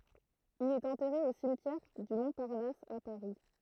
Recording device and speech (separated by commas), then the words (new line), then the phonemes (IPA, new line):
throat microphone, read sentence
Il est enterré au cimetière du Montparnasse à Paris.
il ɛt ɑ̃tɛʁe o simtjɛʁ dy mɔ̃paʁnas a paʁi